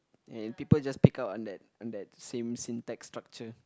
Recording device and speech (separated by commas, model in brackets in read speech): close-talking microphone, conversation in the same room